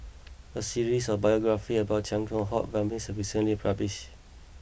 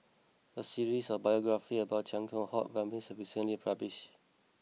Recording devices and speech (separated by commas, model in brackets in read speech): boundary microphone (BM630), mobile phone (iPhone 6), read sentence